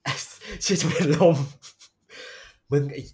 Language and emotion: Thai, happy